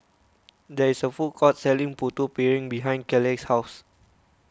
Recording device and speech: close-talking microphone (WH20), read sentence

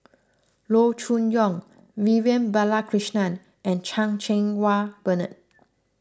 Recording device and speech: close-talking microphone (WH20), read sentence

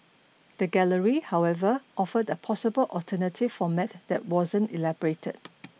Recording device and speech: mobile phone (iPhone 6), read sentence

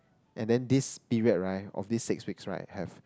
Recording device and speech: close-talking microphone, conversation in the same room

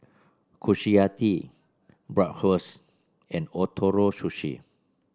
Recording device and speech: standing microphone (AKG C214), read sentence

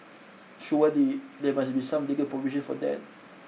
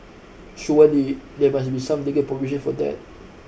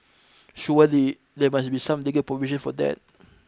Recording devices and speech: mobile phone (iPhone 6), boundary microphone (BM630), close-talking microphone (WH20), read sentence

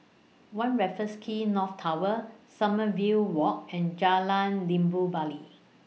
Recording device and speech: mobile phone (iPhone 6), read sentence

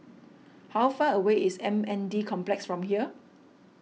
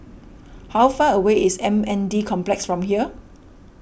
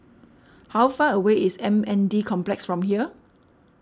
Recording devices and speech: mobile phone (iPhone 6), boundary microphone (BM630), standing microphone (AKG C214), read sentence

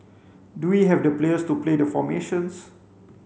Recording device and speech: mobile phone (Samsung C5), read sentence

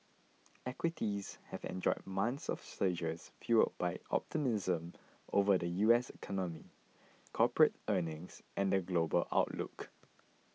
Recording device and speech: mobile phone (iPhone 6), read sentence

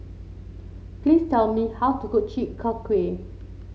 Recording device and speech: mobile phone (Samsung C7), read sentence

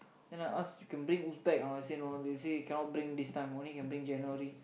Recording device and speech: boundary microphone, conversation in the same room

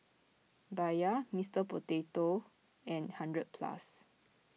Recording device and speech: mobile phone (iPhone 6), read sentence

